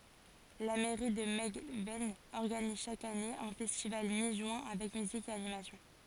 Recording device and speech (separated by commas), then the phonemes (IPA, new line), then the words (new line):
forehead accelerometer, read sentence
la mɛʁi də mɛlɡvɛn ɔʁɡaniz ʃak ane œ̃ fɛstival mi ʒyɛ̃ avɛk myzik e animasjɔ̃
La mairie de Melgven organise chaque année un festival mi-juin avec musique et animation.